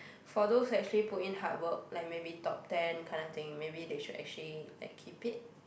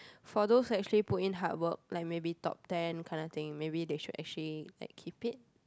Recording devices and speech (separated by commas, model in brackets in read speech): boundary microphone, close-talking microphone, conversation in the same room